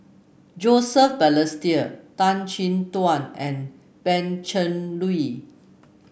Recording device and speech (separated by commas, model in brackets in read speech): boundary microphone (BM630), read sentence